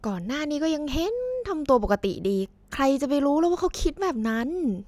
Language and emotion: Thai, neutral